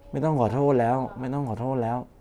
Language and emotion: Thai, frustrated